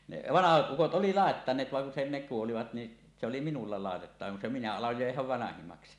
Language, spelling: Finnish, ne vanhat ukot oli laittaneet vaan kun se ne kuolivat niin se oli minulla laitettava kun se minä aloin jo jäädä vanhimmaksi
- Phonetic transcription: ne "vanahat 'ˀukot ˀoli 'làettaǹeet vaŋ kun se ne 'kuolivat ni , se oli "minulla "làetettava kun se minä aloj jo jeähäv 'vanahimaksi .

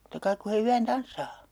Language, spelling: Finnish, totta kai kun he yön tanssaa
- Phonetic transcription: (tot)ta 'kaik ku he 'yän 'tanssaa .

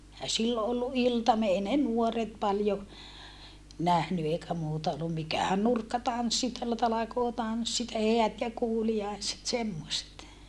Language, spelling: Finnish, eihän silloin ollut iltamia ei ne nuoret paljon nähnyt eikä muuta ollut mikähän nurkkatanssit täällä talkootanssit ja häät ja kuuliaiset semmoiset
- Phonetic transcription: ehä sillo ʼollu ʼiltamie ei ne nuoret paljo , nähny eikä muuta ollum mikä̀hän nurkkatanssit (teällä) talakootanssit ja heät ja kuuli₍aiset semmoset .

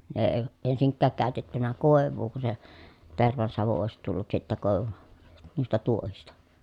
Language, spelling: Finnish, ne ei ensinkään käytetty koivua kun se tervansavu olisi tullut sitten - noista tuohista
- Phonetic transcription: ne eⁱ , ensiŋkkääk kä̀ötettynä kòev̆vuu ku se , tervansavu òesit tullut sittä kòevu- , nuista tuohista .

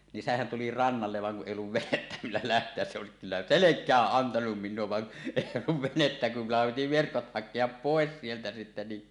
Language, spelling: Finnish, niin sehän tuli rannalle vaan kun ei ollut venettä millä lähteä se olisi kyllä selkään antanut minulle vaan ei ollut venettä kun minullahan piti verkot hakea pois sieltä sitten niin
- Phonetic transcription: nin 'sehän tuli "rannallev vaŋ kuˀ ˀèij ‿olluv "venettä 'millä 'läht̀eäs se òesik kyllä "selek̆kääˀ 'ˀantanum 'mín̆nuo van , 'èij ‿olluv 'venettä kum mullaham piti 'verkot "hak̆keap 'pòes sieltä sitte ni .

